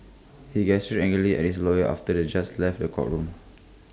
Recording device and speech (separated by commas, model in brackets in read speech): close-talking microphone (WH20), read sentence